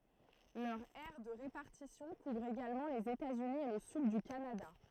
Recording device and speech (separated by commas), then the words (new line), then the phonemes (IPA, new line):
throat microphone, read sentence
Leur aire de répartition couvre également les États-Unis et le Sud du Canada.
lœʁ ɛʁ də ʁepaʁtisjɔ̃ kuvʁ eɡalmɑ̃ lez etaz yni e lə syd dy kanada